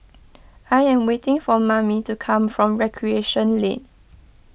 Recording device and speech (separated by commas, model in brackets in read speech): boundary microphone (BM630), read sentence